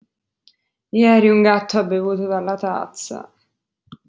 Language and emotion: Italian, disgusted